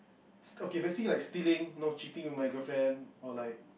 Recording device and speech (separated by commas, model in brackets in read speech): boundary microphone, conversation in the same room